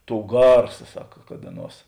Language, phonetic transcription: Lithuanian, ˈtou ˈgarsa ˈsaka kad ˈaˌnuos

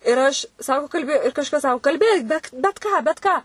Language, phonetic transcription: Lithuanian, ir ˈaš ˈsako kalˈbi ir kažˈkas ˈsako kalˈbėk ˈbet bet ˈką bet ˈką

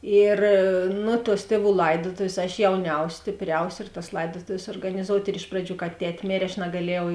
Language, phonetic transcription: Lithuanian, ˈir nu tuos ˈtieˌvų ˈlaidotovės aš jauˈniaus' stėpˈriaus' ir tas ˈlaidotovės suorganiˈzout' ir ˈiš praˌdžių ka ˈtet' ˈmėrė aš nagaˈliejau

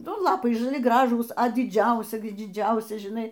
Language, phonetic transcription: Lithuanian, ˈnu ˈlapai žaˈli ˈgražūs a diˈdžiausi diˈdžiausi žiˈnai

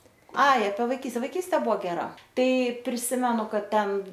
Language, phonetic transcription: Lithuanian, ˈai apie vaiˈkyste vaiˈkystė ˈbuvo geˈra ˈtai priˈsimenu ˈkad ˈten

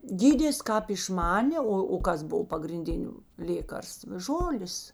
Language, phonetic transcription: Lithuanian, ˈgydės ˈkāp išˈmanė ˈo o ˈkas ˈbov pagrinˈdiniu ˈlėkarstv ˈžolės

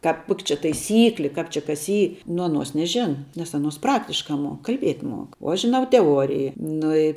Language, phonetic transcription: Lithuanian, kāp ˈkok' čia taiˈsykli ˈkāp či kas ˈy nu aˈnuos neˈžena nes aˈnuos ˈpraktiška ˈmuok kalˈbiet' ˈmuok o ˈaš žiˈnau teˈuoriji ˈnu i

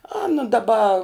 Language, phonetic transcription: Lithuanian, ˈana daˈba

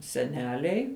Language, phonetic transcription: Lithuanian, seˈneliai

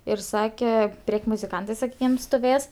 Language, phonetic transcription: Lithuanian, ir ˈsake ˈprėk' muziˈkantɜ saˈkykim stuˈvės

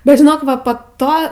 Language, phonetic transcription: Lithuanian, bet žiˈnok ˈva po ˈto

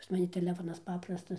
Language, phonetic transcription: Lithuanian, pas maˈni teˈlefonas ˈpaprastas

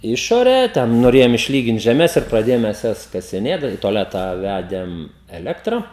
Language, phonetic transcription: Lithuanian, ˈišorę ˈten noˈrėjom išˈlygint žeˈmes ir praˈdėjom ˈmes ˈjas kasiˈnėt da i toˈletą ˈvædėm eˈlektra

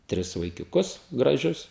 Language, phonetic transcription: Lithuanian, ˈtris vaikiuˈkus graˈžius

